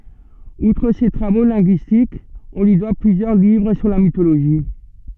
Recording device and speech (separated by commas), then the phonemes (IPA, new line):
soft in-ear microphone, read sentence
utʁ se tʁavo lɛ̃ɡyistikz ɔ̃ lyi dwa plyzjœʁ livʁ syʁ la mitoloʒi